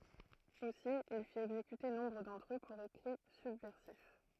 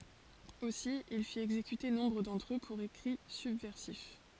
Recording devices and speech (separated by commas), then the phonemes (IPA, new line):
throat microphone, forehead accelerometer, read sentence
osi il fit ɛɡzekyte nɔ̃bʁ dɑ̃tʁ ø puʁ ekʁi sybvɛʁsif